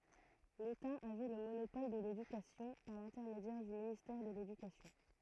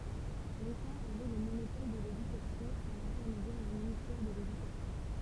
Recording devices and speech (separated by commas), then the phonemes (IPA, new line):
throat microphone, temple vibration pickup, read sentence
leta avɛ lə monopɔl də ledykasjɔ̃ paʁ lɛ̃tɛʁmedjɛʁ dy ministɛʁ də ledykasjɔ̃